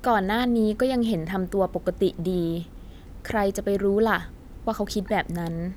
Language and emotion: Thai, neutral